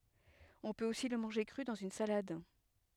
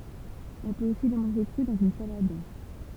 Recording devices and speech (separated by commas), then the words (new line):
headset microphone, temple vibration pickup, read sentence
On peut aussi le manger cru, dans une salade.